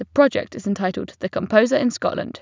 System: none